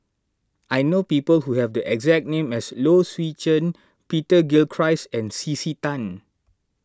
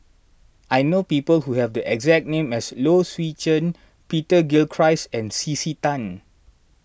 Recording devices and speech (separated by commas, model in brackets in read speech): standing microphone (AKG C214), boundary microphone (BM630), read sentence